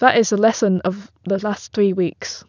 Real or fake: real